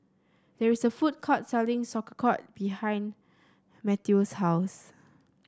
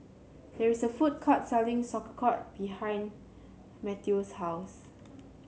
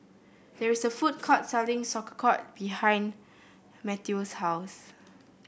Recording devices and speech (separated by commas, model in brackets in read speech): standing microphone (AKG C214), mobile phone (Samsung C7), boundary microphone (BM630), read sentence